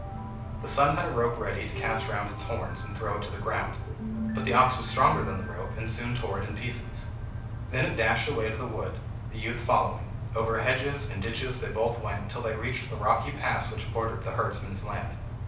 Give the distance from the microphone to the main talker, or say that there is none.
5.8 m.